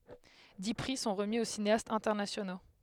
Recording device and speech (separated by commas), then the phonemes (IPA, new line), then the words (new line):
headset microphone, read sentence
di pʁi sɔ̃ ʁəmi o sineastz ɛ̃tɛʁnasjono
Dix prix sont remis aux cinéastes internationaux.